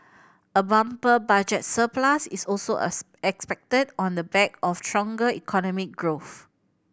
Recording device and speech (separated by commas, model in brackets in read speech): boundary microphone (BM630), read sentence